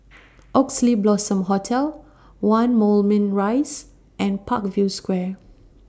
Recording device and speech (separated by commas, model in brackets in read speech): standing microphone (AKG C214), read sentence